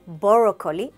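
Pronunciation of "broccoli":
'Broccoli' is pronounced incorrectly here.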